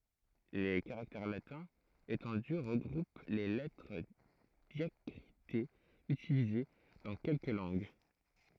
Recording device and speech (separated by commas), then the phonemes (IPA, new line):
throat microphone, read sentence
le kaʁaktɛʁ latɛ̃z etɑ̃dy ʁəɡʁup le lɛtʁ djakʁitez ytilize dɑ̃ kɛlkə lɑ̃ɡ